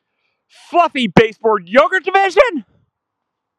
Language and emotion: English, surprised